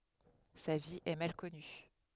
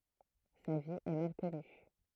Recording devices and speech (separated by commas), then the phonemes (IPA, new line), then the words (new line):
headset microphone, throat microphone, read sentence
sa vi ɛ mal kɔny
Sa vie est mal connue.